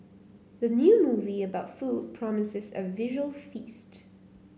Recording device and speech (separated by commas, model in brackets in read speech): mobile phone (Samsung C9), read sentence